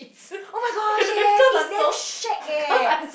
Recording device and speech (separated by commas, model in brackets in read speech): boundary microphone, conversation in the same room